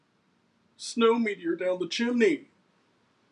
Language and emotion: English, happy